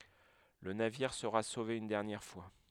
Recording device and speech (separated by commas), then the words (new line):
headset microphone, read sentence
Le navire sera sauvé une dernière fois.